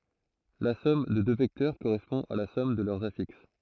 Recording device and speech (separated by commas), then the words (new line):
throat microphone, read sentence
La somme de deux vecteurs correspond à la somme de leurs affixes.